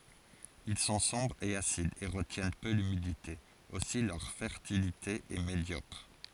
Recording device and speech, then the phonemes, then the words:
forehead accelerometer, read sentence
il sɔ̃ sɔ̃bʁz e asidz e ʁətjɛn pø lymidite osi lœʁ fɛʁtilite ɛ medjɔkʁ
Ils sont sombres et acides et retiennent peu l’humidité, aussi leur fertilité est médiocre.

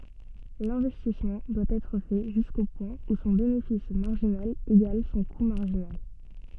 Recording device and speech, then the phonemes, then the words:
soft in-ear microphone, read sentence
lɛ̃vɛstismɑ̃ dwa ɛtʁ fɛ ʒysko pwɛ̃ u sɔ̃ benefis maʁʒinal eɡal sɔ̃ ku maʁʒinal
L'investissement doit être fait jusqu'au point où son bénéfice marginal égale son coût marginal.

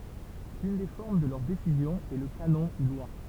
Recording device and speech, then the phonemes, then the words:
temple vibration pickup, read sentence
yn de fɔʁm də lœʁ desizjɔ̃z ɛ lə kanɔ̃ u lwa
Une des formes de leurs décisions est le canon ou loi.

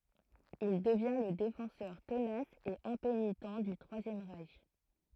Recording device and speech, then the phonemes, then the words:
throat microphone, read sentence
il dəvjɛ̃ lə defɑ̃sœʁ tənas e ɛ̃penitɑ̃ dy tʁwazjɛm ʁɛʃ
Il devient le défenseur tenace et impénitent du Troisième Reich.

